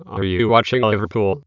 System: TTS, waveform concatenation